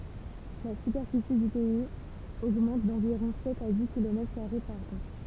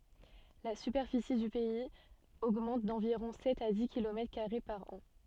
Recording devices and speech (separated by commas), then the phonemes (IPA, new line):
temple vibration pickup, soft in-ear microphone, read sentence
la sypɛʁfisi dy pɛiz oɡmɑ̃t dɑ̃viʁɔ̃ sɛt a di kilomɛtʁ kaʁe paʁ ɑ̃